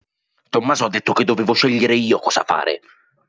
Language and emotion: Italian, angry